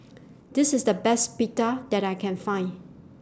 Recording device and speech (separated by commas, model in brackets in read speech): standing microphone (AKG C214), read sentence